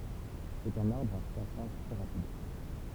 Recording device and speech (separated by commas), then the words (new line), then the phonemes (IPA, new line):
temple vibration pickup, read sentence
C'est un arbre à croissance très rapide.
sɛt œ̃n aʁbʁ a kʁwasɑ̃s tʁɛ ʁapid